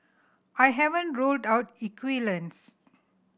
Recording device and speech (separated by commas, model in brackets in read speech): boundary microphone (BM630), read sentence